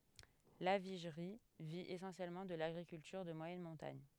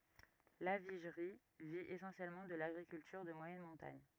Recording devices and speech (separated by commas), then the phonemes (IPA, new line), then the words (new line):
headset microphone, rigid in-ear microphone, read sentence
laviʒʁi vi esɑ̃sjɛlmɑ̃ də laɡʁikyltyʁ də mwajɛn mɔ̃taɲ
Lavigerie vit essentiellement de l'agriculture de moyenne montagne.